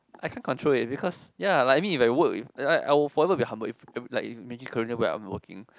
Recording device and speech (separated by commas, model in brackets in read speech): close-talking microphone, conversation in the same room